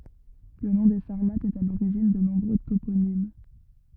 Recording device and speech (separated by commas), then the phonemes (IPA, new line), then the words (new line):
rigid in-ear microphone, read sentence
lə nɔ̃ de saʁmatz ɛt a loʁiʒin də nɔ̃bʁø toponim
Le nom des Sarmates est à l'origine de nombreux toponymes.